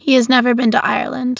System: none